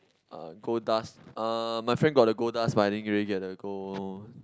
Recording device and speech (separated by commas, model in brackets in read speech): close-talking microphone, conversation in the same room